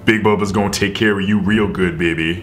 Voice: in deep voice